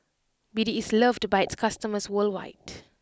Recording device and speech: close-talking microphone (WH20), read sentence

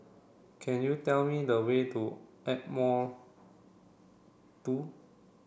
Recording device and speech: boundary microphone (BM630), read sentence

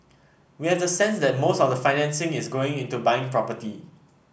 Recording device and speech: boundary microphone (BM630), read sentence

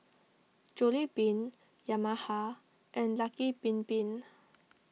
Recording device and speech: mobile phone (iPhone 6), read sentence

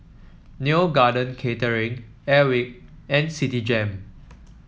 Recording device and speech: mobile phone (iPhone 7), read sentence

